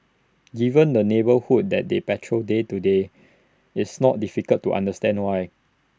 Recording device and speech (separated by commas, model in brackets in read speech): standing microphone (AKG C214), read sentence